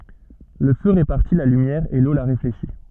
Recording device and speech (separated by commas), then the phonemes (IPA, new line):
soft in-ear microphone, read sentence
lə fø ʁepaʁti la lymjɛʁ e lo la ʁefleʃi